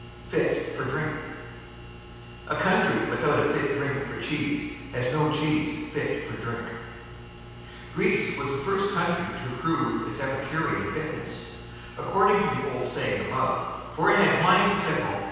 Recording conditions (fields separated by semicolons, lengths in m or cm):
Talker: one person; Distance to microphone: 7.1 m; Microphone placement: far; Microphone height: 1.7 m; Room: very reverberant, large; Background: none